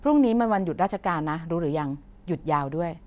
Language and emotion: Thai, neutral